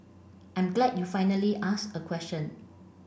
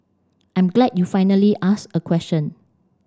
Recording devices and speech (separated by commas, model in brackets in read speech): boundary microphone (BM630), standing microphone (AKG C214), read sentence